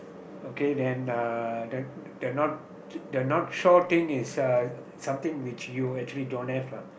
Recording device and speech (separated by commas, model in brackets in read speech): boundary microphone, conversation in the same room